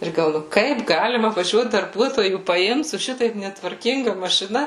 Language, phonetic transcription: Lithuanian, ˈir gal ˈnu ˈkaip ˈgalima vaˈžiuot darˈbuotojų paˈimt su ˈšitaip netvarˈkinga mašiˈna

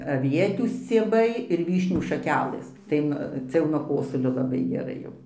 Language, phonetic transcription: Lithuanian, aˈvietių scieˈbai ir ˈvyšnių šaˈkelɘs ˈtai nu ˈcia jau nuo ˈkosulio laˈbai geˈrai jau

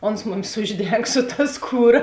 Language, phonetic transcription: Lithuanian, ˈons ˈmumis ˈužˌdeng su ta ˈskūˌra

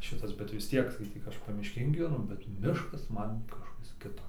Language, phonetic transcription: Lithuanian, ˈšitas bet vis ˈtiek skaiˈtyk ˈaš pamišˈkėn gyveˈnu bet ˈmiškas ˈman kažˈkas ˈkito

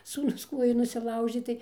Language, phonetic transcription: Lithuanian, sūˈnus ˈkuojų nusiˈlaužė ˈtai

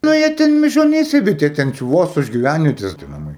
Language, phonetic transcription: Lithuanian, ˈna jie ˈten mižoˈnyse bet jie ˈten či ˈvos už giˈvænvietės tie naˈmai

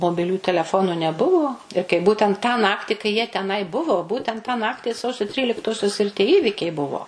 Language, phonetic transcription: Lithuanian, mobiˈlių teleˈfonu neˈbuvo ir kai ˈbūtent tą ˈnakti kai jie teˈnai ˈbuvo ˈbūtent tą ˈnakti ˈsausio ˈtryliktosios ir ˈtie ˈįvykiai ˈbuvo

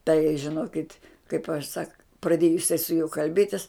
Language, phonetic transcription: Lithuanian, tai žiˈnokit' kaip aš sak praˈdėju jiˈsai su juo kalˈbėtis

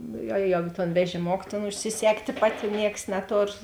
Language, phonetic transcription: Lithuanian, ˈnu ˈjo ˈjo ˈjo ton vežiˈmok tėn užsiˈsegtė ˈpati ˈnieks neˈtor

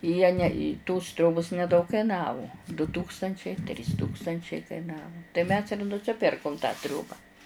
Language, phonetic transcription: Lithuanian, jie ne i tos ˈtriobos neˈdaug kaiˈnavu du ˈtūkstančiai trys ˈtūkstančiai kaiˈnavu tai mes ir nusiˈpirkum tą ˈtrioba

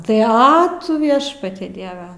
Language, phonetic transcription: Lithuanian, tai ˈa tu ˈviešpate ˈdieve

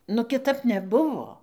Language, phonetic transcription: Lithuanian, nu kiˈtap neˈbuvo

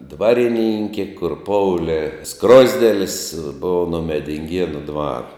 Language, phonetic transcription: Lithuanian, ˈdvariˌninkė kur ˈpoulė ˈskrozdėlis ˈbou no medinˈgienu ˈdvar

